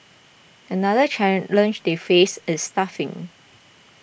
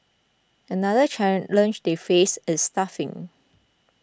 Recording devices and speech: boundary microphone (BM630), close-talking microphone (WH20), read sentence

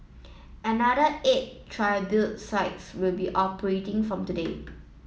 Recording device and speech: mobile phone (iPhone 7), read sentence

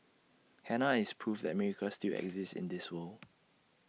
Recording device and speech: mobile phone (iPhone 6), read sentence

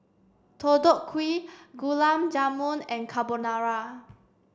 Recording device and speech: standing microphone (AKG C214), read sentence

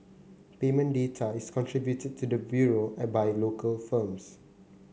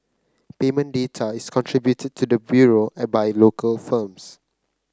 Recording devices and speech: mobile phone (Samsung C9), close-talking microphone (WH30), read sentence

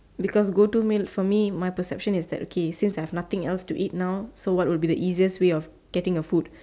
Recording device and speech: standing microphone, conversation in separate rooms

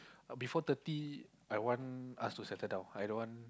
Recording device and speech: close-talking microphone, conversation in the same room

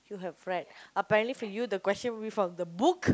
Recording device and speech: close-talking microphone, conversation in the same room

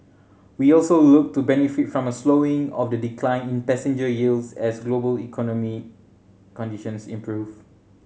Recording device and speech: mobile phone (Samsung C7100), read sentence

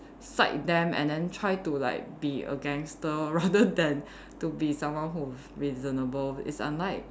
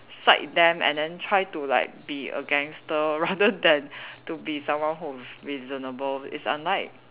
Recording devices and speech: standing microphone, telephone, conversation in separate rooms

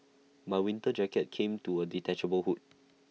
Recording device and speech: mobile phone (iPhone 6), read sentence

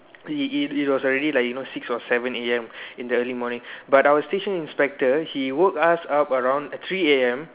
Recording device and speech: telephone, conversation in separate rooms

